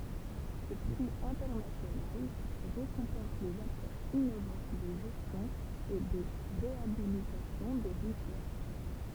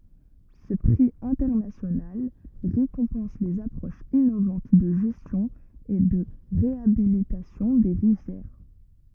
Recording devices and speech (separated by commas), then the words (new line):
temple vibration pickup, rigid in-ear microphone, read sentence
Ce prix international récompense les approches innovantes de gestion et de réhabilitation des rivières.